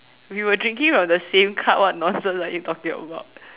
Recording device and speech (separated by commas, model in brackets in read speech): telephone, conversation in separate rooms